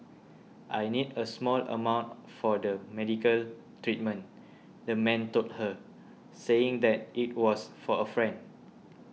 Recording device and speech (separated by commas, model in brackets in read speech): mobile phone (iPhone 6), read sentence